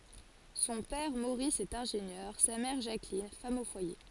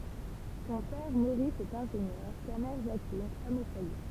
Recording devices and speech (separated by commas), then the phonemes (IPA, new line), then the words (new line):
forehead accelerometer, temple vibration pickup, read sentence
sɔ̃ pɛʁ moʁis ɛt ɛ̃ʒenjœʁ sa mɛʁ ʒaklin fam o fwaje
Son père Maurice est ingénieur, sa mère Jacqueline, femme au foyer.